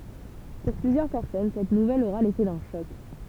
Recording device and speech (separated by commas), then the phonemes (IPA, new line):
temple vibration pickup, read sentence
puʁ plyzjœʁ pɛʁsɔn sɛt nuvɛl oʁa lefɛ dœ̃ ʃɔk